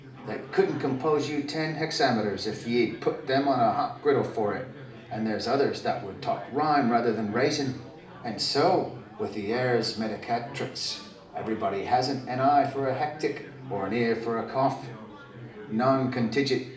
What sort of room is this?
A mid-sized room.